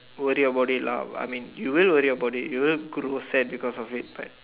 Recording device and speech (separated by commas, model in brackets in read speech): telephone, conversation in separate rooms